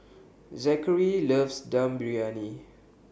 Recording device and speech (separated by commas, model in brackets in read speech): boundary microphone (BM630), read sentence